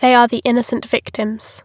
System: none